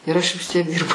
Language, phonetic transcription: Lithuanian, ir ˈaš vis ˈtiek ˈdirbau

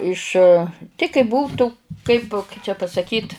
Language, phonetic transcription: Lithuanian, ˈiš ti kai ˈbūtu ˈkaip kai čia pasaˈkyt

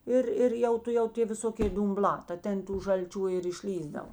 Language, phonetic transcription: Lithuanian, ˈir ˈir jau tuˈjau ˈtė viˈsokė dumˈblā ta ˈten tų žalˈčių ir išˈlįsdav

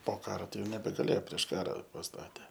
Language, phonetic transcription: Lithuanian, po ˈkaro ˈtai ˈjau nebegaˈlėjo prieš ˈkara pasˈtatė

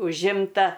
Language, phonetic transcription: Lithuanian, užˈimta

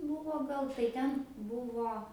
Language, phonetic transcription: Lithuanian, ˈbūvo ˈgal tai ˈten ˈbuvo

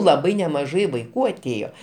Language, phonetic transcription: Lithuanian, laˈbai nemaˈžai vaiˈkų aˈtėjo

